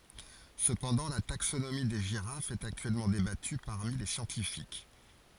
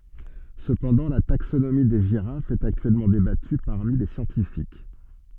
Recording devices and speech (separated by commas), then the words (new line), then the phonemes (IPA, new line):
forehead accelerometer, soft in-ear microphone, read sentence
Cependant la taxonomie des girafes est actuellement débattue parmi les scientifiques.
səpɑ̃dɑ̃ la taksonomi de ʒiʁafz ɛt aktyɛlmɑ̃ debaty paʁmi le sjɑ̃tifik